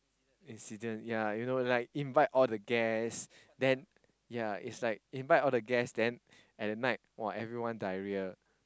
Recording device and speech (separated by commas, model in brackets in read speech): close-talking microphone, conversation in the same room